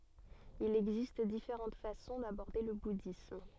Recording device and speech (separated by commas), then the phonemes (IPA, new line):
soft in-ear microphone, read sentence
il ɛɡzist difeʁɑ̃t fasɔ̃ dabɔʁde lə budism